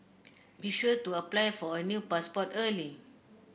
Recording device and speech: boundary microphone (BM630), read sentence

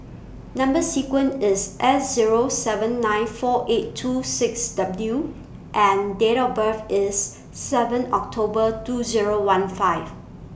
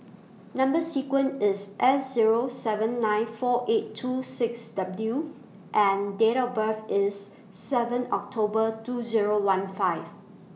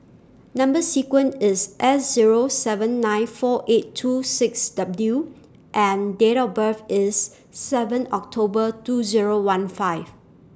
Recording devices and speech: boundary microphone (BM630), mobile phone (iPhone 6), standing microphone (AKG C214), read sentence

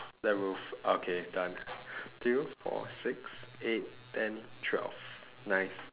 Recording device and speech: telephone, conversation in separate rooms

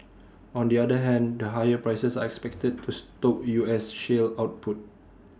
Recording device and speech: standing microphone (AKG C214), read sentence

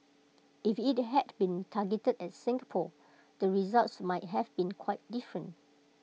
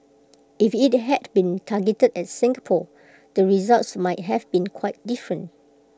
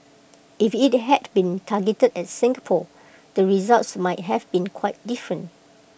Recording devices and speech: mobile phone (iPhone 6), close-talking microphone (WH20), boundary microphone (BM630), read sentence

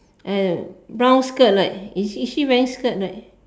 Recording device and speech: standing microphone, conversation in separate rooms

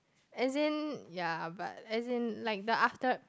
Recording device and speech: close-talking microphone, conversation in the same room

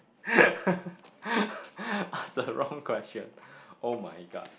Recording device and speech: boundary microphone, conversation in the same room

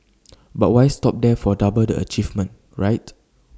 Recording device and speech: standing microphone (AKG C214), read sentence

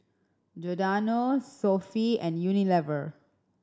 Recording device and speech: standing microphone (AKG C214), read sentence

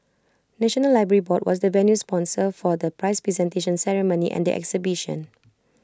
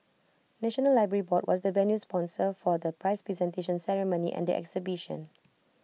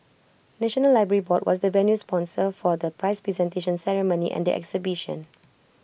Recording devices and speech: close-talking microphone (WH20), mobile phone (iPhone 6), boundary microphone (BM630), read sentence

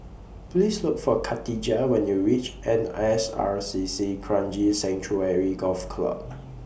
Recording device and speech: boundary microphone (BM630), read sentence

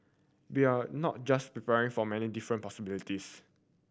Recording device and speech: boundary microphone (BM630), read sentence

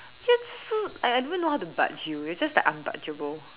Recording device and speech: telephone, conversation in separate rooms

